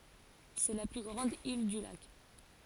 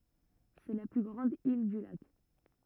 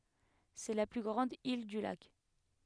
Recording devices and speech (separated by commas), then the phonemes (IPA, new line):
forehead accelerometer, rigid in-ear microphone, headset microphone, read sentence
sɛ la ply ɡʁɑ̃d il dy lak